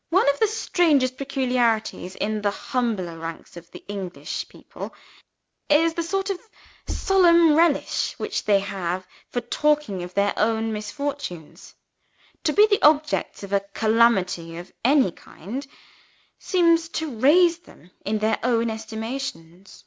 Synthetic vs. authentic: authentic